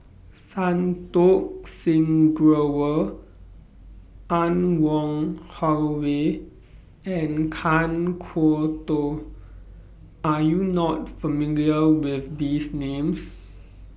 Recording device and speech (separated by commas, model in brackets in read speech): boundary microphone (BM630), read sentence